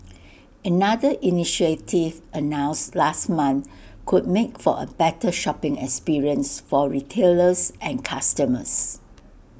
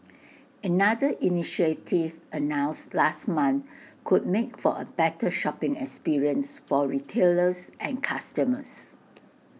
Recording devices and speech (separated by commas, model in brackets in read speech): boundary microphone (BM630), mobile phone (iPhone 6), read sentence